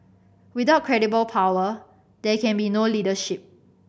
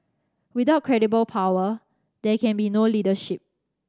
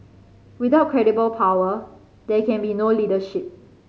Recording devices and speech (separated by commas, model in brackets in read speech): boundary microphone (BM630), standing microphone (AKG C214), mobile phone (Samsung C5010), read sentence